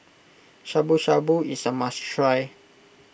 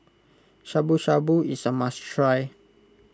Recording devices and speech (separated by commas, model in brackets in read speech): boundary microphone (BM630), close-talking microphone (WH20), read sentence